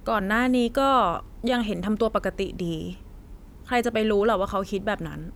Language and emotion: Thai, frustrated